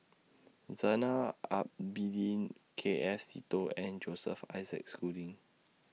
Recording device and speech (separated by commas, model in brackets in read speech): mobile phone (iPhone 6), read sentence